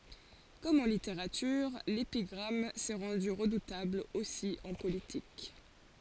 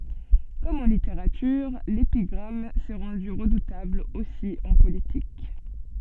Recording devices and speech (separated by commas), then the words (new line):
forehead accelerometer, soft in-ear microphone, read sentence
Comme en littérature, l’épigramme s’est rendue redoutable aussi en politique.